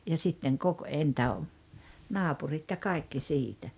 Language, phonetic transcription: Finnish, ja 'sitteŋ kok- , (èi ‿ntä) , "naapurit ja 'kaikki 'siitä .
- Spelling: ja sitten - - - naapurit ja kaikki siitä

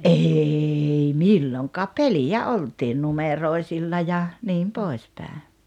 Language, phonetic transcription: Finnish, '’eei "milloŋkaap̆ "pelijä "oltiin 'numeroi̬silla ja , 'niim 'pòis pä̀e .
- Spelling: ei milloinkaan peliä oltiin numeroisilla ja niin pois päin

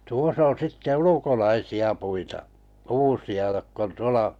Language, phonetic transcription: Finnish, 'tuos ‿on̬ sitte "ulukolaisi₍a 'puita’ , "kuusi₍a jokk ‿on 'tuola ,.
- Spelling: tuossa on sitten ulkolaisia puita kuusia jotka on tuolla

